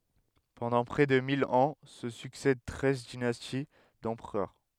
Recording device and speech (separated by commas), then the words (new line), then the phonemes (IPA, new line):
headset microphone, read sentence
Pendant près de mille ans se succèdent treize dynasties d'empereurs.
pɑ̃dɑ̃ pʁɛ də mil ɑ̃ sə syksɛd tʁɛz dinasti dɑ̃pʁœʁ